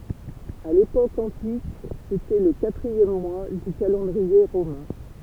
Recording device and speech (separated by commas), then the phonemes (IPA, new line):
temple vibration pickup, read sentence
a lepok ɑ̃tik setɛ lə katʁiɛm mwa dy kalɑ̃dʁie ʁomɛ̃